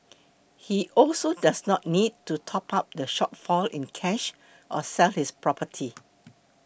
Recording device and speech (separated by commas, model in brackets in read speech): boundary microphone (BM630), read sentence